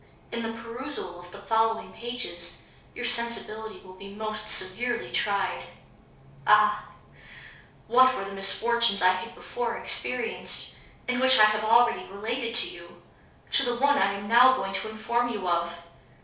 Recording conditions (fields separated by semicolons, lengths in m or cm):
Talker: one person; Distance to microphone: 3.0 m; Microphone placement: far; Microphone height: 1.8 m; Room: small (3.7 m by 2.7 m); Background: none